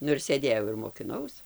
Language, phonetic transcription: Lithuanian, ˈnu ir sėˈdėjau ir mokiˈnaus

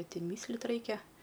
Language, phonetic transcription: Lithuanian, ni ˈten mysˈlt ˈraikia

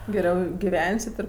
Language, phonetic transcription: Lithuanian, geˈriau giˈvensit ir

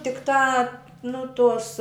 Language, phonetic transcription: Lithuanian, tikˈtā ˈnu ˈtos

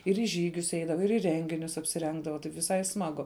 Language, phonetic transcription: Lithuanian, ir į ˈžygius ˈeidava ir į ˈrenginius apsiˈrengdava taip viˈsai ˈsmagu

